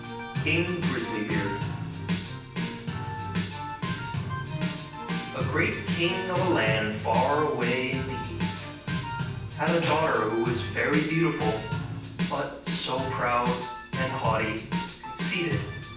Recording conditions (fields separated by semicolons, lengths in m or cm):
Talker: one person; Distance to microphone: 9.8 m; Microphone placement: far; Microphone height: 1.8 m; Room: large; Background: music